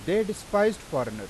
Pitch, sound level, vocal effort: 205 Hz, 95 dB SPL, loud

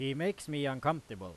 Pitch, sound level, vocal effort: 140 Hz, 94 dB SPL, very loud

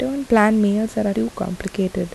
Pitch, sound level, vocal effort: 210 Hz, 76 dB SPL, soft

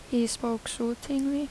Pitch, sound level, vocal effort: 240 Hz, 78 dB SPL, soft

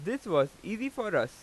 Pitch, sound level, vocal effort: 215 Hz, 94 dB SPL, very loud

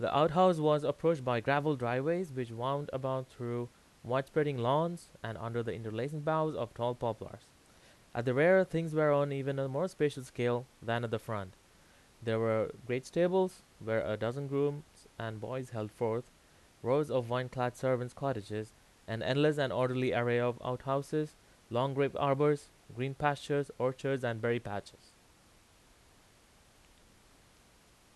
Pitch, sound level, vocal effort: 130 Hz, 88 dB SPL, very loud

